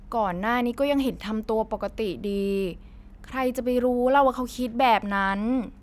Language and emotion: Thai, frustrated